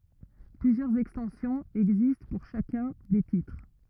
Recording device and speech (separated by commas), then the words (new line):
rigid in-ear microphone, read sentence
Plusieurs extensions existent pour chacun des titres.